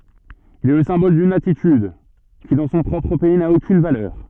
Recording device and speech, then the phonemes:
soft in-ear microphone, read sentence
il ɛ lə sɛ̃bɔl dyn atityd ki dɑ̃ sɔ̃ pʁɔpʁ pɛi na okyn valœʁ

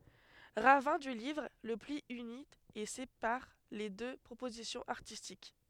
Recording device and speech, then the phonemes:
headset microphone, read sentence
ʁavɛ̃ dy livʁ lə pli yni e sepaʁ le dø pʁopozisjɔ̃z aʁtistik

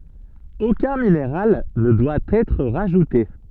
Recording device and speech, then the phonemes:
soft in-ear microphone, read sentence
okœ̃ mineʁal nə dwa ɛtʁ ʁaʒute

